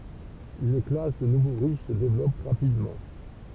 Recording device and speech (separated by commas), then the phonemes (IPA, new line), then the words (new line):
temple vibration pickup, read sentence
yn klas də nuvo ʁiʃ sə devlɔp ʁapidmɑ̃
Une classe de nouveaux riches se développe rapidement.